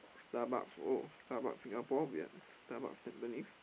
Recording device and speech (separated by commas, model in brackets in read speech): boundary microphone, conversation in the same room